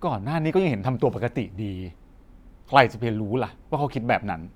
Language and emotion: Thai, frustrated